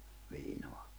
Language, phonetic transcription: Finnish, 'viinoa .
- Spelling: viinaa

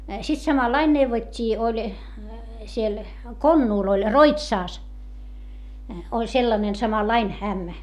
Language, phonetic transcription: Finnish, sit samallain neuvot́t́ii oĺ , siel , Konnuul ‿oĺ , Roitsàs , oĺ sellanen samallain , ämmä .
- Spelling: sitten samalla lailla neuvottiin oli siellä Konnulla oli Roitsassa oli sellainen samanlainen ämmä

